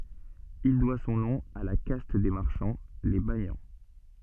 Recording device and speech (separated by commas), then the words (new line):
soft in-ear microphone, read sentence
Il doit son nom à la caste des marchands, les banians.